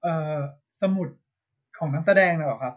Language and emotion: Thai, neutral